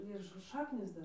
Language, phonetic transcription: Lithuanian, ir š ˈšaknys ˈdar

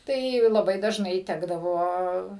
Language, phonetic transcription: Lithuanian, ˈtai laˈbai dažˈnai ˈtekdavo

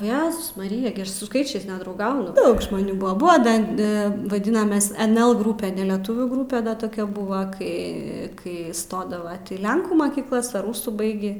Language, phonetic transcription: Lithuanian, o ˈjezus maˈrija gi ˈaš su ˈskaičiais nedrauˈgaunu ˈdaug žmoˈnių ˈbua ˈbua ˈdan ˈa vaˈdinames enel ˈgrupe neleˈtuvių ˈgrupe da toˈkia ˈbuva ˈkai ˈkai ˈstodava į ˈlenkų makykˈlas ar ˈrūsų ˈbaigį

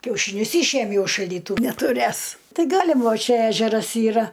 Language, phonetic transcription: Lithuanian, kiaušyˈnius ˈyšėmiau iš šaldyˈtu netuˈrės ˈtai ˈgalim ˈva ˈčia ˈežeras ˈyra

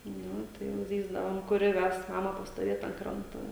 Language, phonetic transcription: Lithuanian, ˈnu tai jau ˈzyzdavom kuˈri ˈves ˈmama pastoˈvėt ant ˈkranto

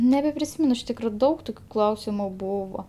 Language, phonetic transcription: Lithuanian, nebepriˈsymen iš ˈtykro ˈdaug ˈtokiu ˈklausimu ˈbūvo

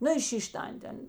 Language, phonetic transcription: Lithuanian, ˈnu i ˈšyš' ˈtan't' ˈan ˈten

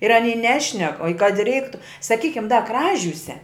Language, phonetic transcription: Lithuanian, ir aˈny ˈnešnek o i kad i ˈreiktu saˈkykim da ˈkražiūse

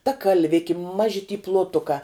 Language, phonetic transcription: Lithuanian, ta kalˈviki ˈmaži ty ploˈtukā

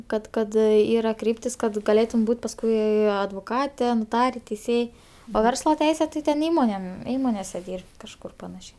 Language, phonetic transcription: Lithuanian, ˈkad ˈkad ˈyra ˈkryptis kad gaˈlėtum ˈbūt' pasˈkui advoˈkate noˈtare teiˈsėj o ˈversla ˈteise tai ten ˈįmonėm ˈįmonėse ˈdyr'b't' kažˈkur paˈnašiai

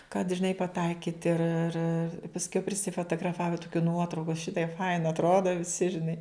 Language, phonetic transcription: Lithuanian, kad žiˈnai paˈtaikyt ir ir pasˈkiau prisifotograˈfava tuˈkių ˈnuotrauku ˈšitaip ˈfaina atˈroda viˈsi žiˈnai

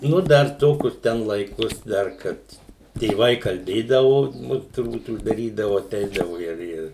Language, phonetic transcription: Lithuanian, ˈnu ˈdar ˈto kur ˈten ˈlaikos ˈdar ˈkad tėˈvai kalˈbėdavo ˈnu turˈbūt uždaˈrydavo aˈteidavo ˈir ˈir

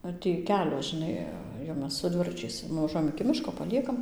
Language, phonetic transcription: Lithuanian, ˈar tį ˈkelio žiˈnai jau ˈmes su ˈdviračiais nuvaˈžuojam iki ˈmiško paˈliekam

